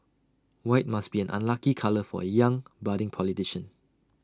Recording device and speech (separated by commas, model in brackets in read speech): standing microphone (AKG C214), read sentence